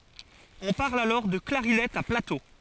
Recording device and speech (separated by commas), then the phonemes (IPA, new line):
forehead accelerometer, read sentence
ɔ̃ paʁl alɔʁ də klaʁinɛt a plato